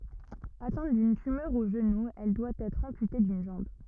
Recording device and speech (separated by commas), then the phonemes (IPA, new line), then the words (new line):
rigid in-ear microphone, read sentence
atɛ̃t dyn tymœʁ o ʒənu ɛl dwa ɛtʁ ɑ̃pyte dyn ʒɑ̃b
Atteinte d’une tumeur au genou, elle doit être amputée d’une jambe.